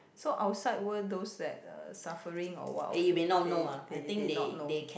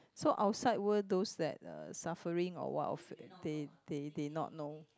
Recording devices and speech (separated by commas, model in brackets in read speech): boundary microphone, close-talking microphone, conversation in the same room